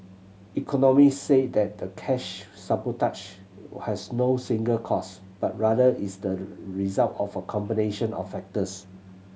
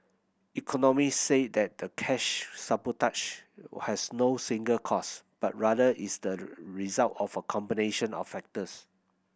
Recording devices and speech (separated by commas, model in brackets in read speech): mobile phone (Samsung C7100), boundary microphone (BM630), read sentence